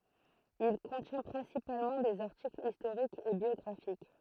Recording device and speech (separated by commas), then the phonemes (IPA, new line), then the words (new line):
throat microphone, read sentence
il kɔ̃tjɛ̃ pʁɛ̃sipalmɑ̃ dez aʁtiklz istoʁikz e bjɔɡʁafik
Il contient principalement des articles historiques et biographiques.